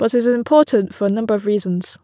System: none